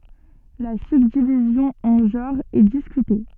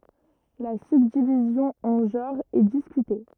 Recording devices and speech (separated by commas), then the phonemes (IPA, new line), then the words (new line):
soft in-ear microphone, rigid in-ear microphone, read sentence
la sybdivizjɔ̃ ɑ̃ ʒɑ̃ʁz ɛ diskyte
La subdivision en genres est discutée.